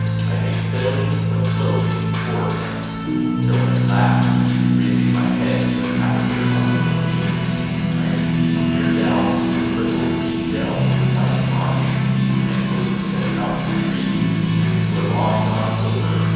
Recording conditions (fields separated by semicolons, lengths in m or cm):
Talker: one person; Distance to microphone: 7.1 m; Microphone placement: far; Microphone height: 1.7 m; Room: very reverberant, large; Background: music